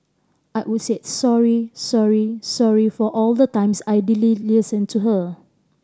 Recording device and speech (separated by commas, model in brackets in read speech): standing microphone (AKG C214), read sentence